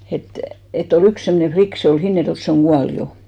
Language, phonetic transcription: Finnish, et , et ‿o"l ‿yks 'semmᵒne "flik , se ol 'Hinnerjoᵉlt se oŋ "ɢual jo .
- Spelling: että että oli yksi semmoinen likka se oli Hinnerjoelta se on kuollut jo

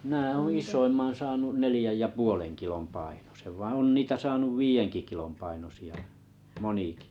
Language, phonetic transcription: Finnish, mⁱnä̀ ooo̰ 'is̆soimman saanun 'nelⁱjäj ja puoleŋ kilom 'painosev vaa̰ 'on 'niitä saanuv "viijenki kilom 'painosi₍a , 'moniki .
- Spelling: minä olen isoimman saanut neljän ja puolen kilon painoisen vaan on niitä saanut viidenkin kilon painoisia monikin

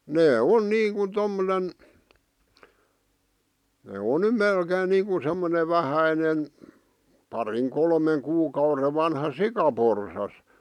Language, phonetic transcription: Finnish, nee "on 'niiŋkun 'tommonen , nè 'on ny "melkeen niiŋku semmone "vähäinen , 'pariŋ 'kolmeŋ 'kuukaure vanha "sikaporsas .
- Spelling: ne on niin kuin tuommoinen ne on nyt melkein niin kuin semmoinen vähäinen parin kolmen kuukauden vanha sikaporsas

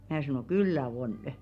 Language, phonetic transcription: Finnish, 'mää sanò » "kyllä 'onᵊ .
- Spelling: minä sanoin kyllä on

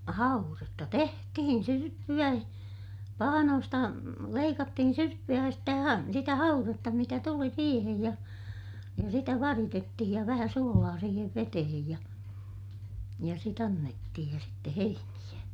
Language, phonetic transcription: Finnish, hauretta tehtihin - syrppy₍ä , pahanoosta , leikattihin syrppy₍ä ja stä ha- , sitä hauretta mitä tuli siihej ja , ja sitä varitettihij ja vähä suolaa siihev vetehej ja , ja sit ‿annettihij ja sitte heiniʲä .
- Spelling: haudetta tehtiin syrppyä pahnoista leikattiin syrppyä ja sitä - sitä haudetta mitä tuli siihen ja ja sitä varitettiin ja vähän suolaa siihen veteen ja ja sitten annettiin ja sitten heiniä

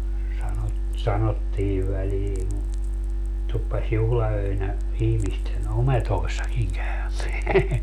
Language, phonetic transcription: Finnish, 'sanot - 'sanottii välii , 'tuppas 'juhla₍öinä , ihmisten "ometoissakiŋ 'käymeä .
- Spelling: - sanottiin väliin tuppasi juhlaöinä ihmisten ometoissakin käymään

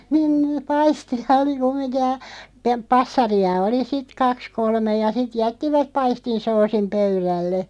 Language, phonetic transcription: Finnish, niin (n-) "paisti₍a oli 'kum̆miŋkij ja , pe- "passari₍a 'oli "sit 'kaks 'kolmeʲ ja 'sit 'jättivä(p) 'paistin 'soosim "pöyrälle .
- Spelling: niin - paistia oli kumminkin ja - passareita oli sitten kaksi kolme ja sitten jättivät paistin soosin pöydälle

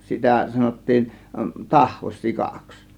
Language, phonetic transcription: Finnish, 'sitä 'sanottiin , 'tahvos "sikaks .
- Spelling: sitä sanottiin tahvos sikaksi

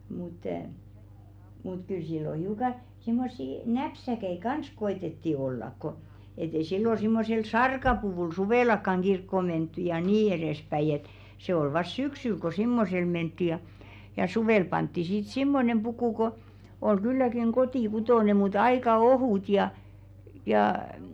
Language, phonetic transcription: Finnish, mut , mut 'kyl sillo 'hiuka , simmossi "näpsäkɛ̳§i 'kans 'ko₍etetti ollak ko , et ‿ei 'sillo simmosel "sarkapuvùl "suvèlakkaŋ 'ɢirkko mentty ja "nii 'erespäiʲ ‿et , 'se ‿ol vas "syksyl ko "simmosel mentti ja , ja "suvèl pantti sit 'simmonem 'pukù ko , oi 'kylläkiŋ "kotì'kutòne mut 'aika "ohùt ja , jâ m̥̂ .
- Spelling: mutta mutta kyllä silloin hiukan semmoisia näpsäköitä kanssa koetettiin olla kun että ei silloin semmoisella sarkapuvulla suvellakaan kirkkoon menty ja niin edespäin että se oli vasta syksyllä kun semmoisella mentiin ja ja suvella pantiin sitten semmoinen puku kun oli kylläkin kotikutoinen mutta aika ohut ja ja mm

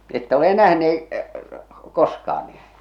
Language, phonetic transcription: Finnish, 'että ole "nähnee , "koskaan nii ?
- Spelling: ette ole nähneet koskaan niin

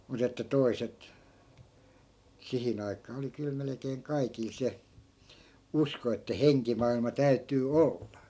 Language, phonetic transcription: Finnish, 'mut ‿että "toiset , 'sihin ‿aik̀aa oli kyl melᵉkeeŋ 'kaikil 'se , 'usko että "heŋkimailma "täytyy "olla .
- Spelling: mutta että toiset siihen aikaan oli kyllä melkein kaikilla se usko että henkimaailma täytyy olla

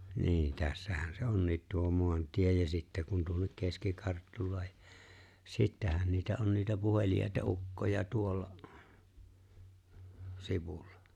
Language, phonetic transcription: Finnish, ni̬i̬ⁿ̬ , 'tässähän se "onniit tuo 'moantie ja sitte kun tuohik 'keski-Karttulae' 'sittähän niitä 'on niitä 'puheli₍àeta '’ukkoja 'tuolla , 'sivullᴀ .
- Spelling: niin tässähän se on tuo maantie ja sitten kun tuokin keski-Karttulakin sittenhän niitä on niitä puheliaita ukkoja tuolla sivulla

